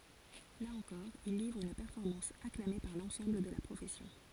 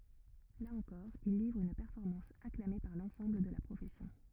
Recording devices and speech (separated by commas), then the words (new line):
forehead accelerometer, rigid in-ear microphone, read sentence
Là encore, il livre une performance acclamée par l'ensemble de la profession.